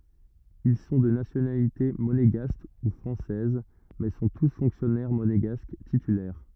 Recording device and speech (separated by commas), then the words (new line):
rigid in-ear microphone, read sentence
Ils sont de nationalité monégasque ou française, mais sont tous fonctionnaires monégasques titulaires.